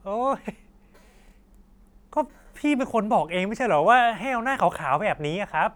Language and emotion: Thai, frustrated